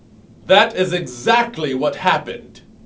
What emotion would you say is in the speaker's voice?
angry